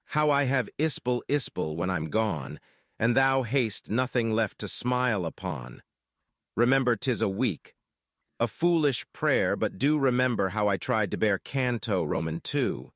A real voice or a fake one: fake